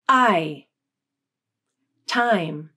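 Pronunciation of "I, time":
In both 'I' and 'time', the I vowel is stressed, and the pitch of the voice glides up and then down on it.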